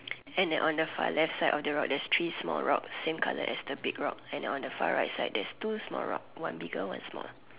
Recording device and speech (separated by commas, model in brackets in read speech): telephone, conversation in separate rooms